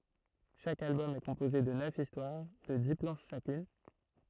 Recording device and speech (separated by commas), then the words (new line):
throat microphone, read sentence
Chaque album est composé de neuf histoires de dix planches chacune.